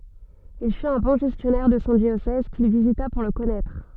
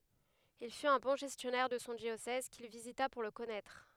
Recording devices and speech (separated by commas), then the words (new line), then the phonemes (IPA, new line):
soft in-ear microphone, headset microphone, read sentence
Il fut un bon gestionnaire de son diocèse, qu'il visita pour le connaître.
il fyt œ̃ bɔ̃ ʒɛstjɔnɛʁ də sɔ̃ djosɛz kil vizita puʁ lə kɔnɛtʁ